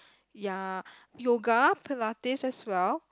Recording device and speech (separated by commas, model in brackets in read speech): close-talking microphone, conversation in the same room